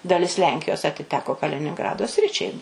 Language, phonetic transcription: Lithuanian, daˈlis ˈlenkijos atiˈteko kalininˈgrado ˈsričiai

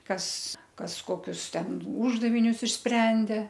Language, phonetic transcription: Lithuanian, ˈkas ˈkas ˈkokius ˈten ˈūždavinius išˈsprendė

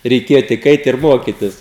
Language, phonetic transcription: Lithuanian, reiˈkėja tik ˈait ir ˈmokitis

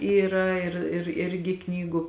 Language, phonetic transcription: Lithuanian, ˈyra ir ir ˈirgi ˈknygu

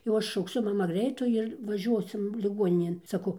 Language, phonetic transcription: Lithuanian, jau ˈaš šaukˈsiu ˈmama ˈgreitų ir vaˈžiuosim liˈguoninėn saˈkau

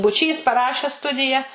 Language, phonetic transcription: Lithuanian, buˈčys paˈrašęs ˈstudija

